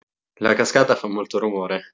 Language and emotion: Italian, neutral